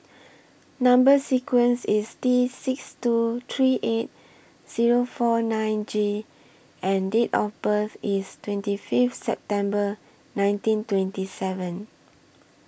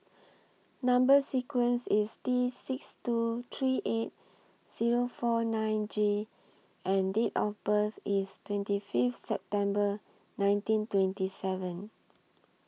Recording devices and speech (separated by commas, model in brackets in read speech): boundary microphone (BM630), mobile phone (iPhone 6), read sentence